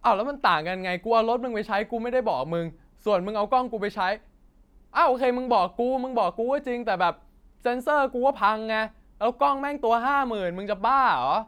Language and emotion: Thai, angry